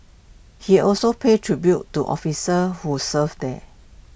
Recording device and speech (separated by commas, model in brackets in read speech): boundary microphone (BM630), read sentence